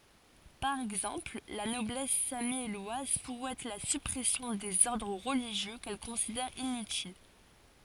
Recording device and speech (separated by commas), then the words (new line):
forehead accelerometer, read sentence
Par exemple, la Noblesse sammielloise souhaite la suppression des ordres religieux qu'elle considère inutiles.